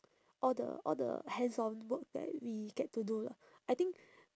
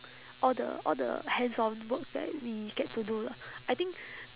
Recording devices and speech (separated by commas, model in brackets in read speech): standing microphone, telephone, conversation in separate rooms